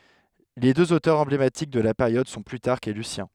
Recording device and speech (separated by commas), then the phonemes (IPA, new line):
headset microphone, read sentence
le døz otœʁz ɑ̃blematik də la peʁjɔd sɔ̃ plytaʁk e lysjɛ̃